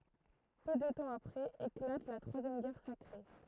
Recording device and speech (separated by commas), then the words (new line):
throat microphone, read sentence
Peu de temps après éclate la troisième Guerre sacrée.